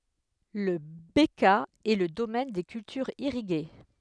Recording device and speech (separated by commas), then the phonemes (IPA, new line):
headset microphone, read sentence
la bəkaa ɛ lə domɛn de kyltyʁz iʁiɡe